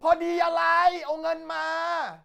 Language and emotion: Thai, angry